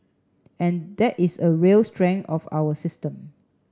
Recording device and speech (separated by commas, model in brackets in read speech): standing microphone (AKG C214), read sentence